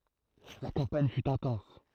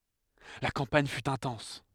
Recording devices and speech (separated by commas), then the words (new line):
throat microphone, headset microphone, read sentence
La campagne fut intense.